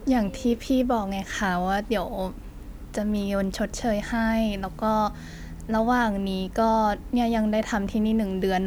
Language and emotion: Thai, frustrated